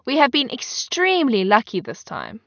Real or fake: real